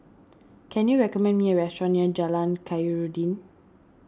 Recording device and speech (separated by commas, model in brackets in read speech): standing microphone (AKG C214), read sentence